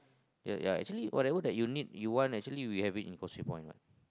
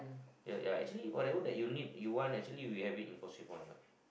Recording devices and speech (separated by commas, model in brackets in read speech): close-talking microphone, boundary microphone, conversation in the same room